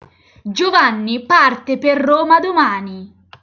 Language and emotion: Italian, angry